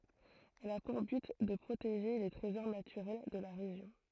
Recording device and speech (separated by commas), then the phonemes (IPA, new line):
throat microphone, read sentence
ɛl a puʁ byt də pʁoteʒe le tʁezɔʁ natyʁɛl də la ʁeʒjɔ̃